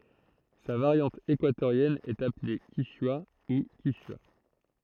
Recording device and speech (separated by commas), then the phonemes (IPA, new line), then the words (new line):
throat microphone, read sentence
sa vaʁjɑ̃t ekwatoʁjɛn ɛt aple kiʃwa u kiʃya
Sa variante équatorienne est appelée kichwa, ou quichua.